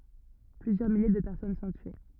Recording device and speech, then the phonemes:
rigid in-ear microphone, read sentence
plyzjœʁ milje də pɛʁsɔn sɔ̃ tye

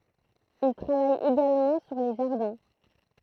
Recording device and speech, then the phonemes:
throat microphone, read sentence
il tʁavaj eɡalmɑ̃ syʁ le ʒaʁdɛ̃

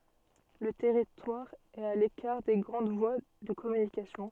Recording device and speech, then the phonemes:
soft in-ear microphone, read sentence
lə tɛʁitwaʁ ɛt a lekaʁ de ɡʁɑ̃d vwa də kɔmynikasjɔ̃

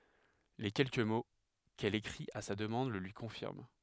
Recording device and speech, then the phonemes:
headset microphone, read sentence
le kɛlkə mo kɛl ekʁit a sa dəmɑ̃d lə lyi kɔ̃fiʁm

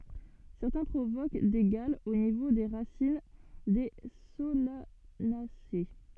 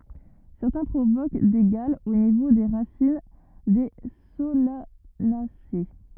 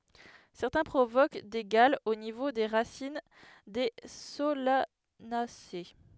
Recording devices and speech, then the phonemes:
soft in-ear microphone, rigid in-ear microphone, headset microphone, read sentence
sɛʁtɛ̃ pʁovok de ɡalz o nivo de ʁasin de solanase

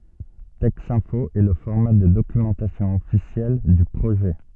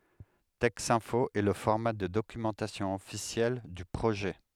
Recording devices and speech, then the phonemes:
soft in-ear microphone, headset microphone, read sentence
tɛksɛ̃fo ɛ lə fɔʁma də dokymɑ̃tasjɔ̃ ɔfisjɛl dy pʁoʒɛ

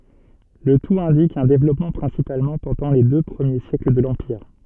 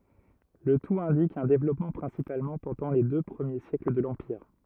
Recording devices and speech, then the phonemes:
soft in-ear microphone, rigid in-ear microphone, read sentence
lə tut ɛ̃dik œ̃ devlɔpmɑ̃ pʁɛ̃sipalmɑ̃ pɑ̃dɑ̃ le dø pʁəmje sjɛkl də lɑ̃piʁ

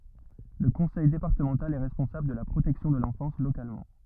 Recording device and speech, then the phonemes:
rigid in-ear microphone, read sentence
lə kɔ̃sɛj depaʁtəmɑ̃tal ɛ ʁɛspɔ̃sabl də la pʁotɛksjɔ̃ də lɑ̃fɑ̃s lokalmɑ̃

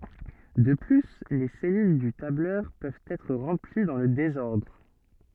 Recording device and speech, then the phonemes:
soft in-ear microphone, read sentence
də ply le sɛlyl dy tablœʁ pøvt ɛtʁ ʁɑ̃pli dɑ̃ lə dezɔʁdʁ

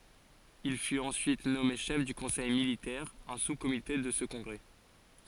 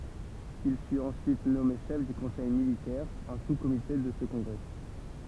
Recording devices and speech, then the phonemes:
forehead accelerometer, temple vibration pickup, read sentence
il fyt ɑ̃syit nɔme ʃɛf dy kɔ̃sɛj militɛʁ œ̃ suskomite də sə kɔ̃ɡʁɛ

